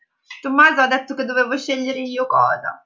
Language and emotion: Italian, sad